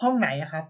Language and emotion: Thai, neutral